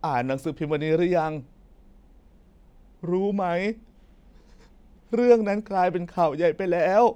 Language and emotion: Thai, sad